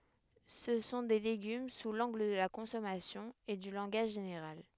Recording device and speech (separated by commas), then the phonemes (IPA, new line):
headset microphone, read sentence
sə sɔ̃ de leɡym su lɑ̃ɡl də la kɔ̃sɔmasjɔ̃ e dy lɑ̃ɡaʒ ʒeneʁal